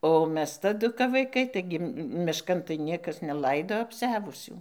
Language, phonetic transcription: Lithuanian, o ˈmes taˈdu kap vaiˈkai ˈtaigi mišˈkan tai ˈniekas neˈlaido apˈsiavusių

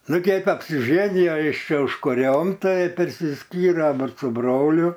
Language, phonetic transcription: Lithuanian, ˈnu ˈkeip apsiˈženijo ˈjis ˈčia užkuˈriom ˈtai persiˈskyre aˈbu su ˈbroliu

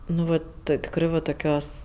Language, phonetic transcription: Lithuanian, nu ˈvat ˈtɜ tikˈrɜ va toˈkios

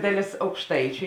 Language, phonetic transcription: Lithuanian, ˈdaˌlės aukšˈtaičiu

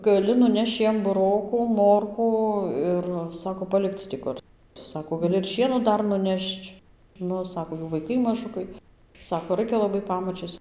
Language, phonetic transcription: Lithuanian, gaˈli nuˈnešč ˈjiem buˈrokų ˈmorkų ˈir ˈsako paˈlikc ti ˈkur ˈsako gaˈli ir ˈšieno ˈdar nuˈnešč ˈnu ˈsako ˈjų vaiˈkai maˈžukai ˈsako ˈraikia laˈbai ˈpamačies

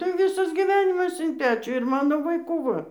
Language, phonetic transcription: Lithuanian, tai ˈvisas giˈvenimas in ˈpečių ir ˈmano vaiˈkų ˈva

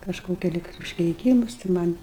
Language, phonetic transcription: Lithuanian, kažˈkokia ˈlig užkeiˈkymus tai man'

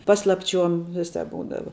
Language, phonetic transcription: Lithuanian, ˈpaslapˌčiuom ˈviˌsāp ˈbūdava

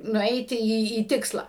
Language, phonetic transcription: Lithuanian, nuˈeiti ˈį į ˈtiksla

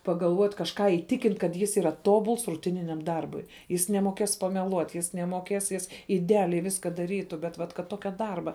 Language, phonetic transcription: Lithuanian, pagalˈvuot' kažˈką įˈtikint kad ˈjis yˈra ˈtobuls ruˈtininiam ˈdarbui ˈjis nemoˈkės pameˈluot' ˈjis nemoˈkės ˈjis ideˈaliai ˈviska daˈrytu bet ˈvat kad ˈtokia ˈdarba

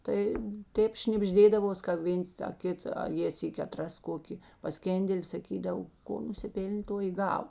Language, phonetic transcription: Lithuanian, tai ˈtėp šnibˈždėdavos ka ˈvėns ta ˈkit a ˈjė ˈsyki aˈtras ˈkoki paˈskėndeli saˈkydav ˈko nusiˈpėl'n' ˈto i ˈgava

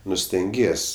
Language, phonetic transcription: Lithuanian, ˈnu stenˈgies'

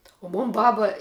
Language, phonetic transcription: Lithuanian, o ˈmon ˈbaba

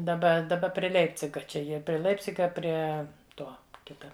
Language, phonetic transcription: Lithuanian, daˈba daˈba prie ˈleipciga ˈčia ˈjie pri ˈleipciga ˈprie ˈto ˈkita

